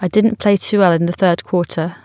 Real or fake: real